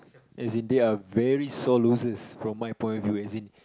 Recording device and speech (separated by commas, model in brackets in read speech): close-talking microphone, conversation in the same room